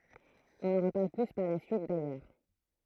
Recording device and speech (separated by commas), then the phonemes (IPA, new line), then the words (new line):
throat microphone, read sentence
ɔ̃ nɑ̃ ʁəpaʁl ply paʁ la syit dajœʁ
On n'en reparle plus par la suite, d'ailleurs.